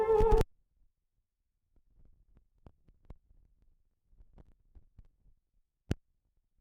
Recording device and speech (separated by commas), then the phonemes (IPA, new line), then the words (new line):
rigid in-ear microphone, read sentence
il dəvɛ̃ʁ kɔ̃t pyi sɑ̃ puʁ otɑ̃ ɛtʁ də sɑ̃ ʁwajal fyʁ fɛ pʁɛ̃s
Ils devinrent comtes, puis, sans pour autant être de sang royal, furent faits prince.